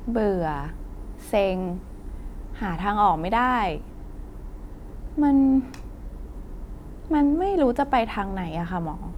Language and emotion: Thai, frustrated